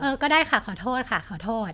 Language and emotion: Thai, frustrated